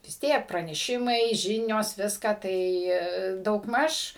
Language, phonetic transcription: Lithuanian, vis ˈtiek praneˈšimai ˈžinios ˈviską ˈtai daugˈmaž

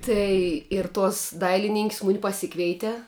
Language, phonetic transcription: Lithuanian, ˈtai ir ˈtuos ˈdailinin'k's' ˈmuni paˈsikveite

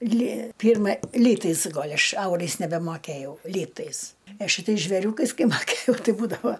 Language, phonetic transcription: Lithuanian, ly ˈpyrma ˈlytais ˈgol' ˈaš ˈaurais nebemoˈkæjau ˈlytais a šiˈtais žveˈriūkais ˈkai maˈkėjau ˈtai ˈbūdava

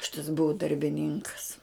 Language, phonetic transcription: Lithuanian, ˈšitas ˈbuu darbiˈninkas

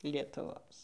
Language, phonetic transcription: Lithuanian, lietuˈvos

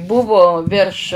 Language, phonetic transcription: Lithuanian, ˈbuvo virš

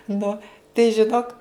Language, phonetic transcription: Lithuanian, ˈnu tai žiˈnok

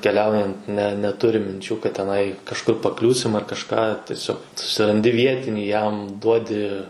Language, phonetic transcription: Lithuanian, keˈliaujant ne neˈturim minˈčių kad teˈnai kažˈkur paˈkliūsim ar kažˈką tieˈsiog susiranˈdi ˈvietinį jam ˈduodi

